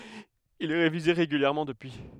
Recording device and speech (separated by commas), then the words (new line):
headset microphone, read sentence
Il est révisé régulièrement depuis.